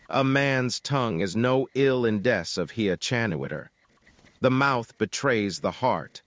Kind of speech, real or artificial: artificial